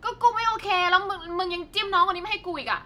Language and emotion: Thai, angry